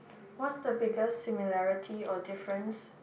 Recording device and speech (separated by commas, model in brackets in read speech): boundary microphone, conversation in the same room